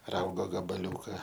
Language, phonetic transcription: Lithuanian, ˈraugo gabaˈliūka

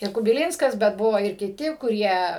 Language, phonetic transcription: Lithuanian, ir kubiˈlynskas bet ˈbuvo ir kiˈti kuˈrie

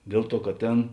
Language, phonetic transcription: Lithuanian, ˈdėl ˌtuo kad ˈtėn

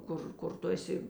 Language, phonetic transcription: Lithuanian, ˈkur kur ˈtu eˈsi

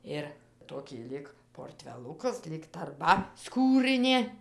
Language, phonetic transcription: Lithuanian, ir ˈtokį ˈlyg porˈtvelukas lyg tarˈba ˈskūrɨnė

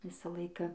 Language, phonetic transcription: Lithuanian, ˈvisa ˈlaika

